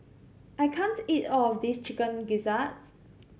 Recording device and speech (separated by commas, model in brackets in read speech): mobile phone (Samsung C7100), read sentence